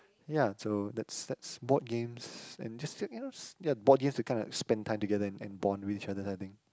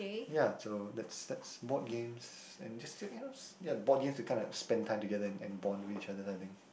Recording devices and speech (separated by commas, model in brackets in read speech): close-talking microphone, boundary microphone, conversation in the same room